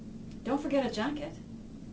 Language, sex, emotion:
English
female
neutral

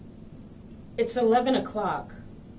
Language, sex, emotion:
English
female
neutral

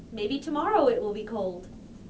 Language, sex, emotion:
English
female
happy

